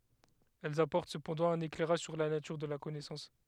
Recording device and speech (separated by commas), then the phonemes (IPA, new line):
headset microphone, read sentence
ɛlz apɔʁt səpɑ̃dɑ̃ œ̃n eklɛʁaʒ syʁ la natyʁ də la kɔnɛsɑ̃s